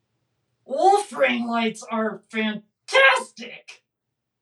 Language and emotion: English, angry